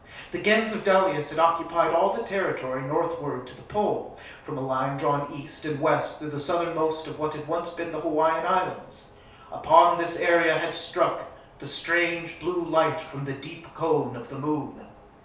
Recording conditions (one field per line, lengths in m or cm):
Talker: one person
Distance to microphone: 3.0 m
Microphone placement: far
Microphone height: 1.8 m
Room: small (3.7 m by 2.7 m)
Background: none